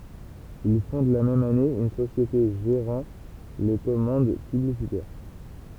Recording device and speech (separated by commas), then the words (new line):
temple vibration pickup, read sentence
Il fonde la même année une société gérant les commandes publicitaires.